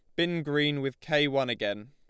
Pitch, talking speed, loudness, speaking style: 145 Hz, 215 wpm, -28 LUFS, Lombard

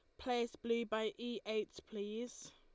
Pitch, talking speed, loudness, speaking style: 230 Hz, 155 wpm, -41 LUFS, Lombard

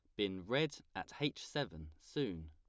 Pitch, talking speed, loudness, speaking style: 95 Hz, 155 wpm, -41 LUFS, plain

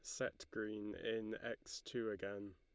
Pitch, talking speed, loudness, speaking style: 105 Hz, 155 wpm, -45 LUFS, Lombard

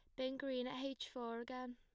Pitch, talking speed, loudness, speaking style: 255 Hz, 230 wpm, -45 LUFS, plain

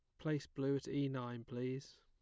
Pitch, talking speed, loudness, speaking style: 135 Hz, 200 wpm, -42 LUFS, plain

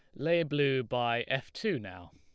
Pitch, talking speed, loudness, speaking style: 130 Hz, 185 wpm, -31 LUFS, Lombard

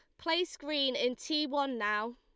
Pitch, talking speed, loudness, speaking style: 280 Hz, 185 wpm, -32 LUFS, Lombard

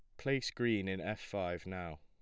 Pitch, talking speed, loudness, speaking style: 100 Hz, 200 wpm, -38 LUFS, plain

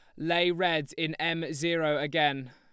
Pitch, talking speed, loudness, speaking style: 160 Hz, 155 wpm, -28 LUFS, Lombard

